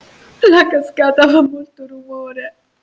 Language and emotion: Italian, sad